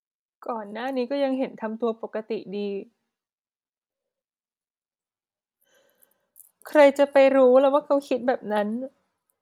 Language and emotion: Thai, sad